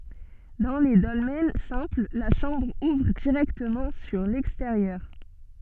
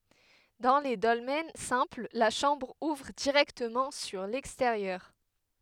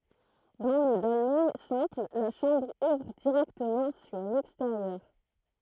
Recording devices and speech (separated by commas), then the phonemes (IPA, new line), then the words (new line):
soft in-ear microphone, headset microphone, throat microphone, read sentence
dɑ̃ le dɔlmɛn sɛ̃pl la ʃɑ̃bʁ uvʁ diʁɛktəmɑ̃ syʁ lɛksteʁjœʁ
Dans les dolmens simples, la chambre ouvre directement sur l'extérieur.